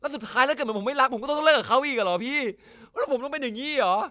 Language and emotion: Thai, sad